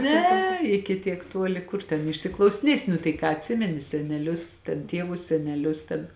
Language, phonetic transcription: Lithuanian, ˈne iki ˈtiek ˈtuoli ˈkur ten išsiklausiˈniesi nu tai ˈką atˈsimeni seneˈlius ten ˈtievus seneˈlius ten

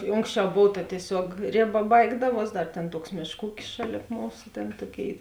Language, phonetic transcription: Lithuanian, i ˈonksˌčiau ˈbov ta tieˈsiuog ˈrėˌba ˈbaigdaˌvuos ˈdar ˈtėn ˈtuoks ˈmėšˌkų ˈūkis ˈšaˌlėp ˈmūsu ˈtėn ˈtoˌkėi

